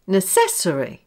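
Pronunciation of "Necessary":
'Necessary' is said with the stress on the wrong syllable.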